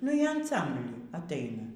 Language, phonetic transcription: Lithuanian, nu ˈjie anˈsambly atˈaina

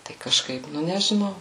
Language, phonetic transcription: Lithuanian, tai kaˈžkaip ˈnu nežiˈnau

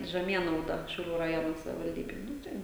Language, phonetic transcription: Lithuanian, žeˈmienauda šiauˈlių raˈjono savivalˈdybėj ˈnu tai

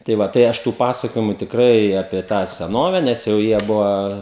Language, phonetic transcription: Lithuanian, tai ˈva tai ˈaš tų ˈpasakojimu tikˈrai ˈapie tą seˈnove nes jau ˈjie ˈbuva

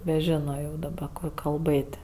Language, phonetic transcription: Lithuanian, neˈžino jau daˈba ˈko kalˈbɘt'

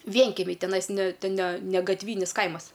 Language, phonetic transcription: Lithuanian, ˈvienkemiai teˈnais ne ne ne gatˈvynis ˈkaimas

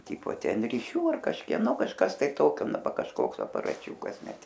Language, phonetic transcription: Lithuanian, ˈtypo ˈten riˈšių ar kažkieˈno kažˈkas tai ˈtokio ˈna ˈva kažˈkoks aparaˈčiūkas ˈnet

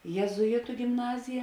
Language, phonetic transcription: Lithuanian, jėzuˈitu gimˈnazija

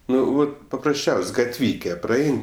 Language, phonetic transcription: Lithuanian, ˈnu ˈvat paprasˈčiaus' ˈvat gatˈvyke praˈain

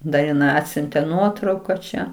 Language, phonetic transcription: Lithuanian, da iˈnai ˈatsiuntė ˈnuotrauka čia

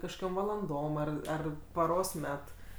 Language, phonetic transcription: Lithuanian, kažkoˈkiom valanˈdom ˈar ˈar paˈros ˈmet

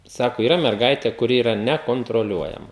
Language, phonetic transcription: Lithuanian, ˈsako yˈra merˈgaitė kuˈri yˈra nekontroˈliuojama

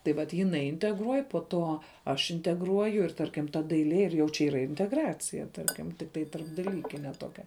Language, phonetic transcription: Lithuanian, tai ˈvat jiˈnai integˈruoj po ˈto ˈaš integˈruoju ir ˈtarkim ta daiˈlie ir jau čia ˈyra integˈracija ˈtarkim tikˈtai tarpdaˈlykine ˈtokia

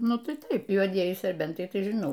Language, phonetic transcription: Lithuanian, ˈnu ˈtai ˈtaip juoˈdieji serˈbentai tai žiˈnau

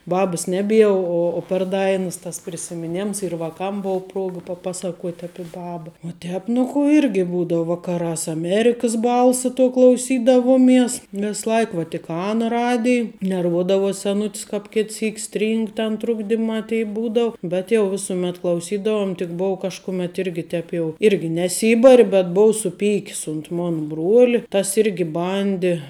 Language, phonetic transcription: Lithuanian, ˈbabɨs ˈneˌbie o o per ˈdainəs tas prisimiˈnems ir vaˈkam ˈbou ˈpruoga paˈpasaˌkuot' ˈapi ˈbaba u ˈtēp nu ˈkų ˈirgi ˈbūdavu ˈvakarās aˈmerikas ˈbalsa tuo klauˈsydavuoˌmies ˈves ˈlaik vatiˈkana ˈradij nerˈvuodavos seˈnut's kāp ˈkit ˈsyk ˈstryng ten ˈtrukdimā tei ˈbūdau bet jau ˈvisumet klauˈsydavum tik ˈbou kažkuˈmėt ˈirgi ˈtēp jau ˈirgi neˈsybari bet ˈbou suˈpyk's unt ˈmon ˈbruoli ˈtas ˈirgi ˈbandi

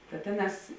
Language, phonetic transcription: Lithuanian, ta ˈtėˌnās

